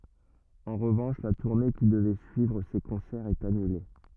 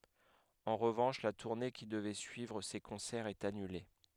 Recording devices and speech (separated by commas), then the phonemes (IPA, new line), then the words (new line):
rigid in-ear microphone, headset microphone, read sentence
ɑ̃ ʁəvɑ̃ʃ la tuʁne ki dəvɛ syivʁ se kɔ̃sɛʁz ɛt anyle
En revanche, la tournée qui devait suivre ces concerts est annulée.